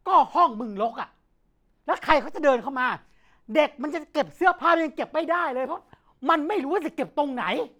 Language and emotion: Thai, angry